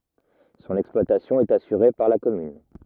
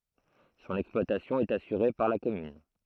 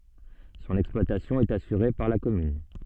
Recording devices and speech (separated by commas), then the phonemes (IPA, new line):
rigid in-ear microphone, throat microphone, soft in-ear microphone, read sentence
sɔ̃n ɛksplwatasjɔ̃ ɛt asyʁe paʁ la kɔmyn